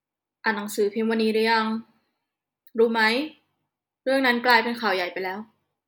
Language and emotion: Thai, frustrated